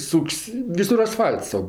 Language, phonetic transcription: Lithuanian, ˈsuk's' ˈvisur asˈfal'ts tau

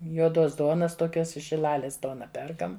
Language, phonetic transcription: Lithuanian, juoˈdos ˈduonas toˈkios iš šiˈlalės ˈduona ˈperkam

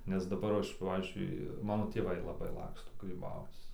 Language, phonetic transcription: Lithuanian, nes daˈbar ˈaš ˈpavyzdžiui ˈmano tėˈvai laˈbai ˈlaksto gryˈbauc

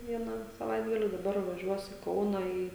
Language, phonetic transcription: Lithuanian, ˈvieną saˈvaitgali daˈbar vaˈžiuos i ˈkauna ˈį

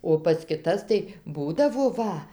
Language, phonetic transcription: Lithuanian, o pas kiˈtas tai ˈbūdavo ˈva

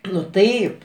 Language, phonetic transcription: Lithuanian, nu ˈtaip

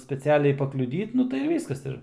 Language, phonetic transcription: Lithuanian, speciˈaliai pakliuˈdyt ˈnu tai ir ˈvyskas ˈir

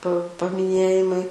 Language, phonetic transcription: Lithuanian, pa pamiˈnėjimai

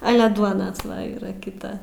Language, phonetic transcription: Lithuanian, ˈale ˈduona ˈva yˈra kiˈta

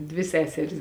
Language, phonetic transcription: Lithuanian, ˈdvi ˈseseris

